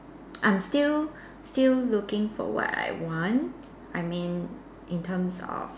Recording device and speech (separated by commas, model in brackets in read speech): standing microphone, conversation in separate rooms